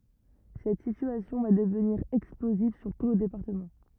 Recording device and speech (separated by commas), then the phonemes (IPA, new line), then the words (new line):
rigid in-ear microphone, read sentence
sɛt sityasjɔ̃ va dəvniʁ ɛksploziv syʁ tu lə depaʁtəmɑ̃
Cette situation va devenir explosive sur tout le département.